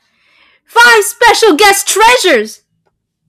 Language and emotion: English, fearful